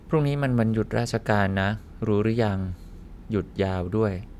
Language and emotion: Thai, neutral